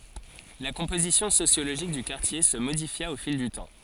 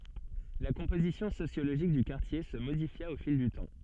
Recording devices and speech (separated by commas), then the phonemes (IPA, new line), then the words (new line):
forehead accelerometer, soft in-ear microphone, read sentence
la kɔ̃pozisjɔ̃ sosjoloʒik dy kaʁtje sə modifja o fil dy tɑ̃
La composition sociologique du quartier se modifia au fil du temps.